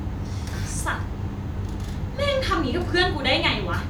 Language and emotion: Thai, angry